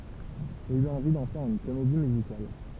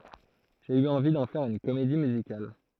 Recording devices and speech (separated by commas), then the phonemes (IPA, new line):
temple vibration pickup, throat microphone, read sentence
ʒe y ɑ̃vi dɑ̃ fɛʁ yn komedi myzikal